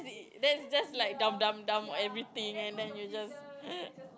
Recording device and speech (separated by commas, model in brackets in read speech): close-talking microphone, conversation in the same room